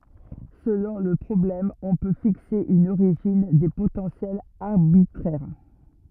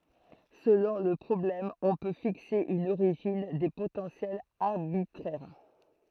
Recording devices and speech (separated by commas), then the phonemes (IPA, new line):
rigid in-ear microphone, throat microphone, read sentence
səlɔ̃ lə pʁɔblɛm ɔ̃ pø fikse yn oʁiʒin de potɑ̃sjɛlz aʁbitʁɛʁ